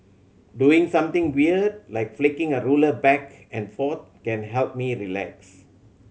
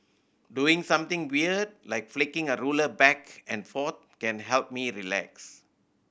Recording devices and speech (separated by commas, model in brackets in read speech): mobile phone (Samsung C7100), boundary microphone (BM630), read sentence